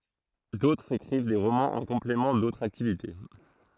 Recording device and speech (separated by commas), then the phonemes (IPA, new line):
throat microphone, read sentence
dotʁz ekʁiv de ʁomɑ̃z ɑ̃ kɔ̃plemɑ̃ dotʁz aktivite